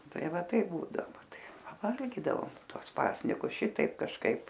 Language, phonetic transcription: Lithuanian, ˈtai ˈva ˈtaip ˈbūdavo ˈva ˈtai paˈvalgydavom ˈtuos ˈpasnikus ˈšitaip kažˈkaip

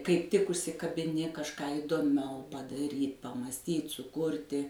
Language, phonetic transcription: Lithuanian, kaip ˈtik užsikabiˈni kažˈką įdoˈmiau padaˈryt pamąsˈtyt suˈkurti

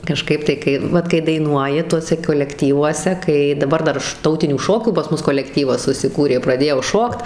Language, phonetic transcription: Lithuanian, kaˈžkaip tai ˈkai ˈvat kai daiˈnuoji ˈtuose kolekˈtyvuose ˈkai daˈbar ˈdar š ˈtautinių ˈšokių pas ˈmus kolekˈtyvas susiˈkūrė praˈdėjau ˈšokt

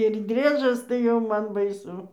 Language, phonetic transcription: Lithuanian, ir ˈdriežas tai ˈjau ˈman baiˈsu

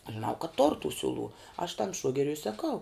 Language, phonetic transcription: Lithuanian, aš žiˈnau kad tor tu ˈsiuˌlų aš tam ˈšuogeriu i saˈkau

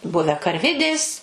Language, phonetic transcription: Lithuanian, ˈbuvę karˈvidės

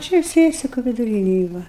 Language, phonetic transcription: Lithuanian, ˈčia ˈsiesiku viduˈrynej ˈva

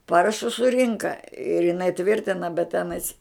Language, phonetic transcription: Lithuanian, ˈparašus suˈrinka ir iˈnai ˈtvirtina bet ˈtenais

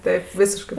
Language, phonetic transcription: Lithuanian, ˈtaip ˈvysiškɜ

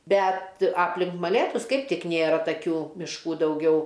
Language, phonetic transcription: Lithuanian, ˈbet ˈaplink maˈlėtus ˈkaip ˈtik ˈnėra taˈkių mišˈkų dauˈgiau

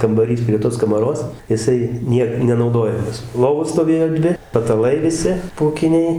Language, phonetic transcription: Lithuanian, kambaˈrys prie ˈtos kamaˈros jiˈsai ˈniek nenauˈdojamas ˈlovos stoˈvėjo ˈdvi pataˈlai viˈsi pūˈkiniai

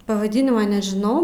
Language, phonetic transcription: Lithuanian, pavaˈdinima nežiˈnau

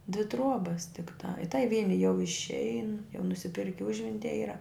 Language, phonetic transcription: Lithuanian, dvi ˈtruobas tikˈta i tai ˈvieni jau išˈein jau nusiˈpirki ˈužventie ˈyra

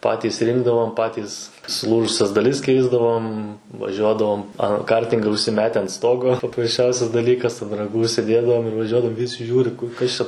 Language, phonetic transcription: Lithuanian, ˈpatys rinkdavom ˈpatys suˈlūžusias daˈlis ˈkeisdavom vaˈžiuodavom a ˈkartinga užsiˈmete ant ˈstogo paprasˈčiausias daˈlykas an raˈgų užsiˈdėdavom ir vaˈžiuodavom ˈvisi ˈžiūri ˈkur ˈkas čia

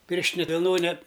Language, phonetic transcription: Lithuanian, ˈpirštine vilˈnone

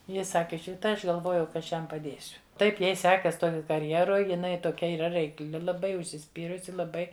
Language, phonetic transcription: Lithuanian, ˈji ˈsaki tai ˈaš galˈvojau ka ˈaš ˈjam paˈdėsiu ˈtaip ˈjai ˈsekas ˈtoj karˈjeroj jiˈnai toˈkia yˈra reikˈli laˈbai užsiˈspyrusi laˈbai

